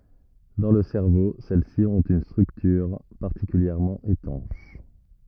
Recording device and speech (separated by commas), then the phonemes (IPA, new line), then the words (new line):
rigid in-ear microphone, read sentence
dɑ̃ lə sɛʁvo sɛl si ɔ̃t yn stʁyktyʁ paʁtikyljɛʁmɑ̃ etɑ̃ʃ
Dans le cerveau, celles-ci ont une structure particulièrement étanche.